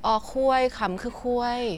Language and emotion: Thai, neutral